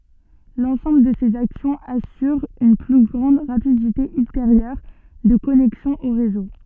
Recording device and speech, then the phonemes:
soft in-ear microphone, read sentence
lɑ̃sɑ̃bl də sez aksjɔ̃z asyʁ yn ply ɡʁɑ̃d ʁapidite ylteʁjœʁ də kɔnɛksjɔ̃ o ʁezo

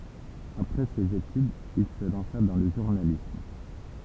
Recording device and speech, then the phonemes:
temple vibration pickup, read sentence
apʁɛ sez etydz il sə lɑ̃sa dɑ̃ lə ʒuʁnalism

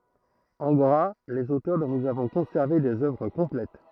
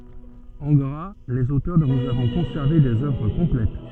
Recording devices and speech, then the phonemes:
throat microphone, soft in-ear microphone, read sentence
ɑ̃ ɡʁa lez otœʁ dɔ̃ nuz avɔ̃ kɔ̃sɛʁve dez œvʁ kɔ̃plɛt

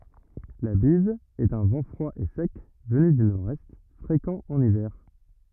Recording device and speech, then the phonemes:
rigid in-ear microphone, read sentence
la biz ɛt œ̃ vɑ̃ fʁwa e sɛk vəny dy noʁɛst fʁekɑ̃ ɑ̃n ivɛʁ

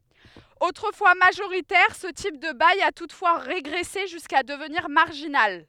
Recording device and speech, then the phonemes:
headset microphone, read sentence
otʁəfwa maʒoʁitɛʁ sə tip də baj a tutfwa ʁeɡʁɛse ʒyska dəvniʁ maʁʒinal

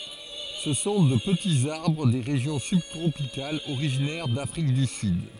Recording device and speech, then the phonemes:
forehead accelerometer, read sentence
sə sɔ̃ də pətiz aʁbʁ de ʁeʒjɔ̃ sybtʁopikalz oʁiʒinɛʁ dafʁik dy syd

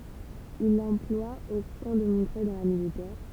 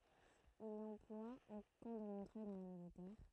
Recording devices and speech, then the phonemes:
temple vibration pickup, throat microphone, read sentence
il lɑ̃plwa o kɑ̃ də mɔ̃tʁœj dɑ̃ la militɛʁ

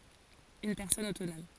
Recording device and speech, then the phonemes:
forehead accelerometer, read sentence
yn pɛʁsɔn otonɔm

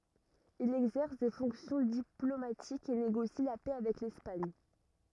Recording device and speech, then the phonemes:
rigid in-ear microphone, read sentence
il ɛɡzɛʁs de fɔ̃ksjɔ̃ diplomatikz e neɡosi la pɛ avɛk lɛspaɲ

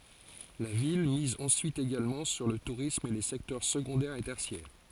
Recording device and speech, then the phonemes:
forehead accelerometer, read sentence
la vil miz ɑ̃syit eɡalmɑ̃ syʁ lə tuʁism e le sɛktœʁ səɡɔ̃dɛʁ e tɛʁsjɛʁ

